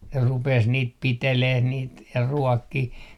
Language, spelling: Finnish, ne rupesi niitä pitelemään niitä ja ruokkimaan
- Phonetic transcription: ne rupes 'niit piteleh 'niit ja "ruɔkkih .

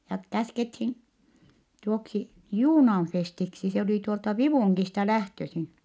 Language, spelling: Finnish, ja käskettiin tuoksi Juunaan Festiksi se oli tuolta Vivungista lähtöisin
- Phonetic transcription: ja , käskethin , tuoksi , Juunaan Festiksi - se oli tuolta Vivùŋkista lähtösin .

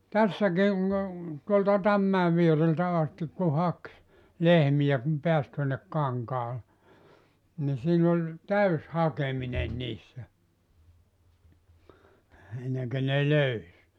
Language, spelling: Finnish, tässäkin tuolta Tammimäen viereltä asti kun haki lehmiä kun pääsi tuonne kankaalle niin siinä oli täysi hakeminen niissä ennen kuin ne löysi
- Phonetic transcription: "tässäkin̬ , tuolta 'Tammäe viereltä 'astik ku "hak , 'lehmiʲä kum 'peäs tuonnek 'kaŋkaale , ni 'siin ‿oĺ , "täys 'hakemine 'niissä , 'enneŋkö ne 'löys .

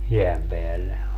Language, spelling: Finnish, jään päälle
- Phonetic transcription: 'jeäm peälle .

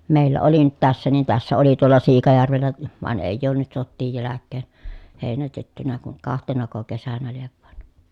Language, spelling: Finnish, meillä oli nyt tässä niin tässä oli tuolla Siikajärvellä vaan ei ole nyt sotien jälkeen heinätetty kuin kahtenako kesänä lie vain
- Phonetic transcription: mèillä oli nyt tässä niin tässä oli tuola Siikajärvellä , van èij̆j ‿oon nyt sottiij jäläkkeen , hèinätettynä kuŋ kahtenako kesänä liev vàen̬ .

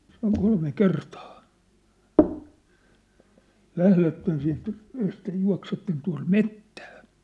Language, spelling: Finnish, se on kolme kertaa lähdette siitä ehkä juoksette tuonne metsään
- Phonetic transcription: se ‿oŋ 'kolme 'kertaa , 'lähletten siint , ehkä 'jua̭ksetten tua̭m "mettᴀ̈ᴀ̈ . «

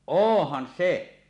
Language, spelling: Finnish, onhan se
- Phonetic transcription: oohhan 'se .

